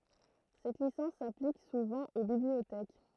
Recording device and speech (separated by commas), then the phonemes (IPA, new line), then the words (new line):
throat microphone, read sentence
sɛt lisɑ̃s saplik suvɑ̃ o bibliotɛk
Cette licence s'applique souvent aux bibliothèques.